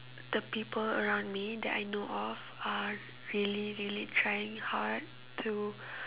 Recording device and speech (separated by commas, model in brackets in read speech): telephone, conversation in separate rooms